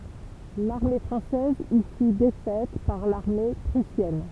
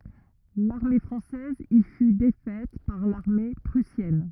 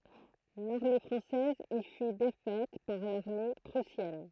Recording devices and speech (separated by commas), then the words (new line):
temple vibration pickup, rigid in-ear microphone, throat microphone, read sentence
L'armée française y fut défaite par l'armée prussienne.